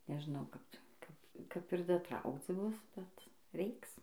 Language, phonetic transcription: Lithuanian, nežˈnau ˈkap ˈkap kap ir daˈtraukc ˈbus bet ˈreiks

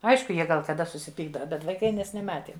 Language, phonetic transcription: Lithuanian, ˈaišku ˈjie gal kaˈda susiˈpykdava bet vaiˈkai ˈmes neˈmatėm

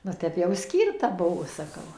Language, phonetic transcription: Lithuanian, va ˈtep jau ˈskyrta ˈbuvo saˈkau

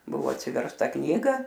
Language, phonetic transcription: Lithuanian, ˈbuvo atsiversˈta ˈknyga

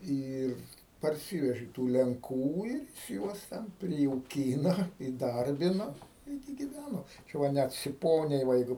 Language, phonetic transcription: Lithuanian, ˈyr parˈsyveži tų lenˈkų ir jis ˈjuos ten prijauˈkyna įˈdarbina ˈirgi giˈvæno ˈčia va ˈnæt siˈponiai va ˈjeigu

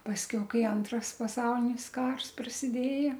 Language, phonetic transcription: Lithuanian, pasˈkiau ˈkai ˈantras paˈsaulinis ˈkars prasiˈdėja

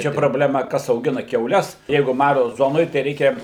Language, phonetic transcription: Lithuanian, ˈčia probleˈma ˈkas auˈgina kiauˈles ˈjeigu ˈmaro ˈzonoj tai ˈreikia

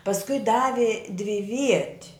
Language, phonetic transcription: Lithuanian, pasˈkui ˈdavi dviˈviet'

